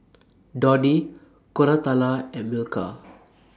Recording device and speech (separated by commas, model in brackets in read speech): standing microphone (AKG C214), read sentence